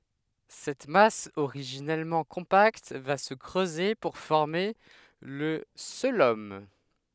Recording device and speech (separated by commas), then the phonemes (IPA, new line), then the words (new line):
headset microphone, read sentence
sɛt mas oʁiʒinɛlmɑ̃ kɔ̃pakt va sə kʁøze puʁ fɔʁme lə koəlom
Cette masse originellement compacte va se creuser pour former le cœlome.